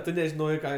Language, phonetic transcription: Lithuanian, ˈtu nežiˈnojai ˈką

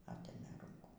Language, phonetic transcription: Lithuanian, ˈatėmė ˈrūnkų

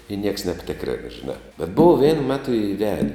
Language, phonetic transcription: Lithuanian, i nieks nebˈtikrėn žiˈnā bet bov vien ˈmetu iˈvede

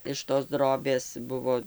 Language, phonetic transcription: Lithuanian, iš tos ˈdrobės ˈbuvo

